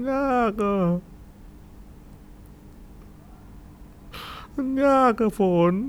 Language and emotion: Thai, sad